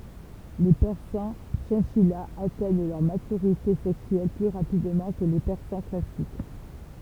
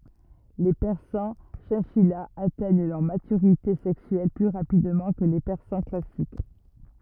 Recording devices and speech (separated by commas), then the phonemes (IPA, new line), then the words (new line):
temple vibration pickup, rigid in-ear microphone, read sentence
le pɛʁsɑ̃ ʃɛ̃ʃijaz atɛɲ lœʁ matyʁite sɛksyɛl ply ʁapidmɑ̃ kə le pɛʁsɑ̃ klasik
Les persans chinchillas atteignent leur maturité sexuelle plus rapidement que les persans classiques.